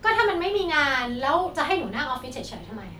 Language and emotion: Thai, frustrated